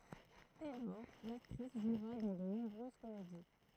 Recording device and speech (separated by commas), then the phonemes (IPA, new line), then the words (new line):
throat microphone, read sentence
dɛ lɔʁ laktʁis ʒwʁa dɑ̃ də nɔ̃bʁøz komedi
Dès lors, l'actrice jouera dans de nombreuses comédies.